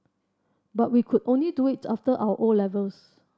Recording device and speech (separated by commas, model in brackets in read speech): standing microphone (AKG C214), read sentence